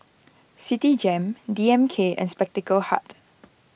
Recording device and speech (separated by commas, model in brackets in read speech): boundary microphone (BM630), read sentence